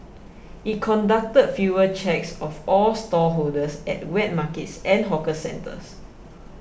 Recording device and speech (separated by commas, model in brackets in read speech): boundary microphone (BM630), read sentence